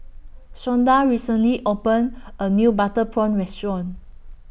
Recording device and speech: boundary microphone (BM630), read sentence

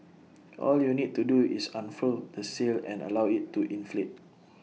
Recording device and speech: mobile phone (iPhone 6), read sentence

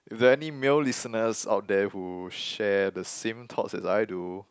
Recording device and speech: close-talking microphone, conversation in the same room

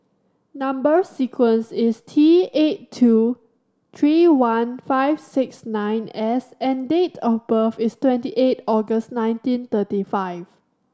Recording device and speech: standing microphone (AKG C214), read sentence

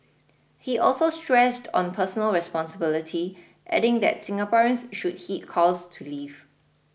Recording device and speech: boundary microphone (BM630), read sentence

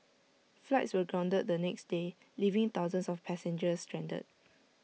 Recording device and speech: mobile phone (iPhone 6), read sentence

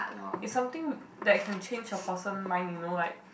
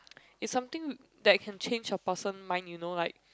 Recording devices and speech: boundary microphone, close-talking microphone, conversation in the same room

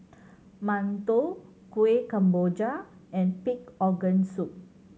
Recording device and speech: mobile phone (Samsung C7100), read sentence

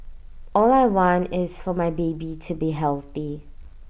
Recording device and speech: boundary microphone (BM630), read sentence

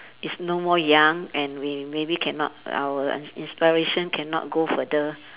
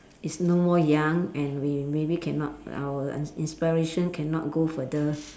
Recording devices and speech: telephone, standing microphone, conversation in separate rooms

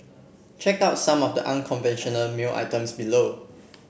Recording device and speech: boundary microphone (BM630), read sentence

